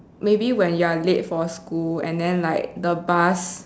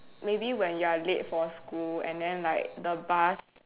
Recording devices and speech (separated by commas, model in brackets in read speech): standing microphone, telephone, conversation in separate rooms